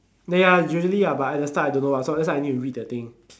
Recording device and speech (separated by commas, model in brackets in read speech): standing microphone, conversation in separate rooms